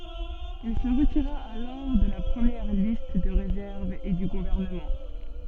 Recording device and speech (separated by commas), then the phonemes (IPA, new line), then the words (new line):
soft in-ear microphone, read sentence
il sə ʁətiʁa alɔʁ də la pʁəmjɛʁ list də ʁezɛʁv e dy ɡuvɛʁnəmɑ̃
Il se retira alors de la première liste de réserve et du gouvernement.